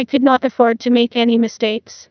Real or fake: fake